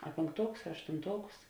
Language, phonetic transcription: Lithuanian, a pėnkˈtuokus a aštunˈtuokus

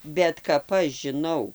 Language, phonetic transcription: Lithuanian, bet kap ˈaš žiˈnau

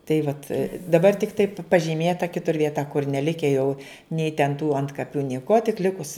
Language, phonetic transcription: Lithuanian, tai ˈvat daˈbar tikˈtai pažyˈmėta ˈkitur vieˈta kur neˈlike jau nei ten tų ˈantkapiu nieˈkuo tik ˈlikus

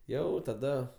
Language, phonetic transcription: Lithuanian, ˈjau taˈda

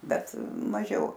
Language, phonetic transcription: Lithuanian, ˈbet maˈžiau

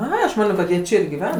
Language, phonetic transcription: Lithuanian, ˈa aš ˈmanio kad ˈjie ˈˈčia ir giˈven

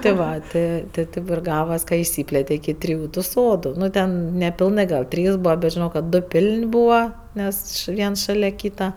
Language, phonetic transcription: Lithuanian, tė ˈva ˈtė tė ˈtėp ir ˈgavas ka išˈsyplėte iki ˈtriju tu ˈsodu ˈnu ˈten nepilˈnɜ gal ˈtrys ˈbūva bet žiˈnau kad ˈdo ˈpil'n' ˈbūva ˈnes š ˈviensˈšalia ˈkyta

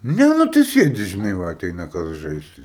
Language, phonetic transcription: Lithuanian, ˈne ˈnu tai ˈsėdi žiˈnai ˈva aˈteina ˈkas ˈžaist

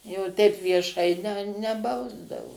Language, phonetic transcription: Lithuanian, jau teip vieˈšai ne neˈbausdavo

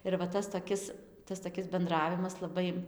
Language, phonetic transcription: Lithuanian, ir va ˈtas toˈkis ˈtas toˈkis benˈdravimas laˈbai

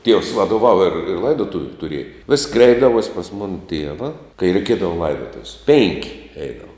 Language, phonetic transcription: Lithuanian, tievs vadoˈvava ir ˈlaidotuviu tuˈrieja vis' ˈkreipdavuos' pas ˈmona ˈtieva kai reiˈkiedavo ˈlaidotuv's' pėnk' ˈeidava

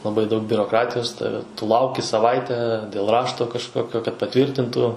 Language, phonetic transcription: Lithuanian, laˈbai daug biuroˈkratijos ˈtave tu ˈlauki saˈvaite dėl ˈrašto kažˈkokio kad paˈtvyrtintų

